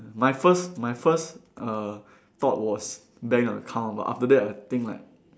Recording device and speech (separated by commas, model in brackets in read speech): standing microphone, conversation in separate rooms